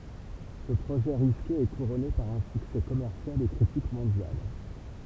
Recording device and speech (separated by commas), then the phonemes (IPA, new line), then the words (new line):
temple vibration pickup, read sentence
sə pʁoʒɛ ʁiske ɛ kuʁɔne paʁ œ̃ syksɛ kɔmɛʁsjal e kʁitik mɔ̃djal
Ce projet risqué est couronné par un succès commercial et critique mondial.